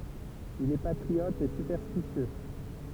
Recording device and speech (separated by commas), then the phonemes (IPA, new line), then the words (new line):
temple vibration pickup, read sentence
il ɛ patʁiɔt e sypɛʁstisjø
Il est patriote et superstitieux.